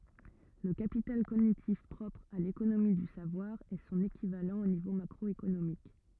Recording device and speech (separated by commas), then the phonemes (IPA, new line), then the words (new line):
rigid in-ear microphone, read sentence
lə kapital koɲitif pʁɔpʁ a lekonomi dy savwaʁ ɛ sɔ̃n ekivalɑ̃ o nivo makʁɔekonomik
Le capital cognitif propre à l'économie du savoir est son équivalent au niveau macroéconomique.